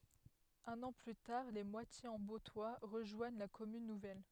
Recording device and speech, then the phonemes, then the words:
headset microphone, read sentence
œ̃n ɑ̃ ply taʁ le mwatjez ɑ̃ boptwa ʁəʒwaɲ la kɔmyn nuvɛl
Un an plus tard, Les Moitiers-en-Bauptois rejoignent la commune nouvelle.

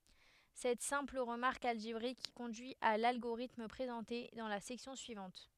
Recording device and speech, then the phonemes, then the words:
headset microphone, read sentence
sɛt sɛ̃pl ʁəmaʁk alʒebʁik kɔ̃dyi a lalɡoʁitm pʁezɑ̃te dɑ̃ la sɛksjɔ̃ syivɑ̃t
Cette simple remarque algébrique conduit à l'algorithme présenté dans la section suivante.

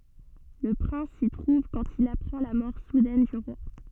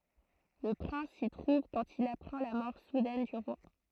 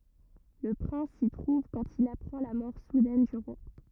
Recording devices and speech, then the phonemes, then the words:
soft in-ear microphone, throat microphone, rigid in-ear microphone, read sentence
lə pʁɛ̃s si tʁuv kɑ̃t il apʁɑ̃ la mɔʁ sudɛn dy ʁwa
Le prince s'y trouve quand il apprend la mort soudaine du roi.

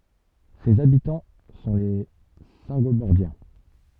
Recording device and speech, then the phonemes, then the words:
soft in-ear microphone, read sentence
sez abitɑ̃ sɔ̃ le sɛ̃ɡobɔʁdjɛ̃
Ses habitants sont les Saingobordiens.

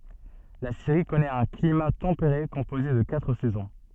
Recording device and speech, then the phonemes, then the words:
soft in-ear microphone, read sentence
la siʁi kɔnɛt œ̃ klima tɑ̃peʁe kɔ̃poze də katʁ sɛzɔ̃
La Syrie connaît un climat tempéré composé de quatre saisons.

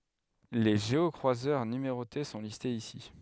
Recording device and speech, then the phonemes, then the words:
headset microphone, read sentence
le ʒeɔkʁwazœʁ nymeʁote sɔ̃ listez isi
Les géocroiseurs numérotés sont listés ici.

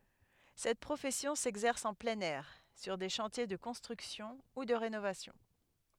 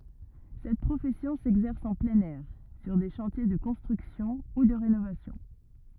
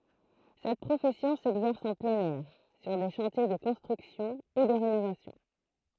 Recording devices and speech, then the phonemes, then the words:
headset microphone, rigid in-ear microphone, throat microphone, read sentence
sɛt pʁofɛsjɔ̃ sɛɡzɛʁs ɑ̃ plɛ̃n ɛʁ syʁ de ʃɑ̃tje də kɔ̃stʁyksjɔ̃ u də ʁenovasjɔ̃
Cette profession s'exerce en plein air, sur des chantiers de construction ou de rénovation.

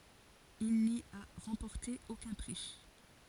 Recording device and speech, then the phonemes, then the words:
forehead accelerometer, read sentence
il ni a ʁɑ̃pɔʁte okœ̃ pʁi
Il n'y a remporté aucun prix.

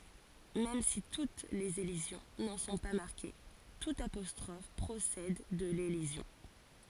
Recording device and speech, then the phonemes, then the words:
forehead accelerometer, read sentence
mɛm si tut lez elizjɔ̃ nɑ̃ sɔ̃ pa maʁke tut apɔstʁɔf pʁosɛd də lelizjɔ̃
Même si toutes les élisions n’en sont pas marquées, toute apostrophe procède de l’élision.

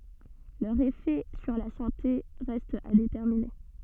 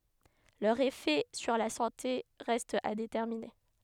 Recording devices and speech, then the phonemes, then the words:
soft in-ear microphone, headset microphone, read sentence
lœʁz efɛ syʁ la sɑ̃te ʁɛstt a detɛʁmine
Leurs effets sur la santé restent à déterminer.

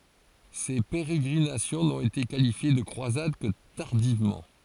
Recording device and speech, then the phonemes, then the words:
forehead accelerometer, read sentence
se peʁeɡʁinasjɔ̃ nɔ̃t ete kalifje də kʁwazad kə taʁdivmɑ̃
Ces pérégrinations n'ont été qualifiées de croisades que tardivement.

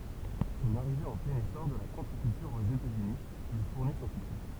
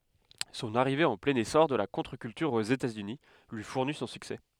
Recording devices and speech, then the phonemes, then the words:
temple vibration pickup, headset microphone, read sentence
sɔ̃n aʁive ɑ̃ plɛ̃n esɔʁ də la kɔ̃tʁəkyltyʁ oz etatsyni lyi fuʁni sɔ̃ syksɛ
Son arrivée en plein essor de la contre-culture aux États-Unis lui fournit son succès.

